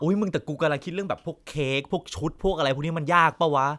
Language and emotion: Thai, frustrated